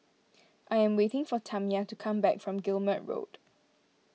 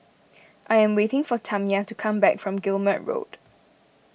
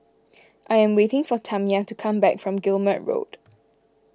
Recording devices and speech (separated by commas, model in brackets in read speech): mobile phone (iPhone 6), boundary microphone (BM630), close-talking microphone (WH20), read sentence